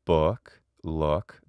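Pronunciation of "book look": The vowel in 'book' and 'look' has a slight diphthongization, so it is not one simple vowel sound.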